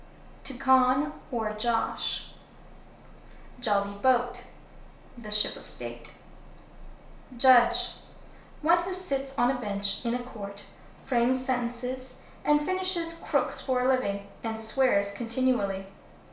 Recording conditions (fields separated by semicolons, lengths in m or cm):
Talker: one person; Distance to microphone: 1.0 m; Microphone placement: close; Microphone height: 1.1 m; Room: small (3.7 m by 2.7 m); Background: none